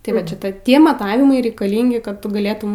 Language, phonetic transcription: Lithuanian, tai ˈvat ˈšita ˈtie maˈtavimai reikaˈlingi kad ˈtu gaˈlėtum

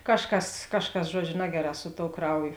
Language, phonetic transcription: Lithuanian, ˈkažˌkas ˈkažˌkas ˈžuodžiu ˈnageˌrā su tou ˈkrauˌjo

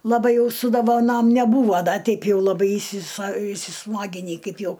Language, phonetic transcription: Lithuanian, laˈbai ˈjau su dovaˈnom neˈbūvo ˈda ˈteip ˈjau laˈbai įsisa įsiˈsmaginy ˈkaip ˈjau

